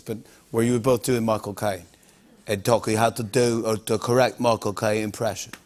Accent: English accent